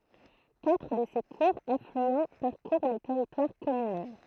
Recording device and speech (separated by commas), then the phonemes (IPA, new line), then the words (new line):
throat microphone, read sentence
katʁ də se kuʁz aflyɑ̃ paʁkuʁ lə tɛʁitwaʁ kɔmynal
Quatre de ses courts affluents parcourent le territoire communal.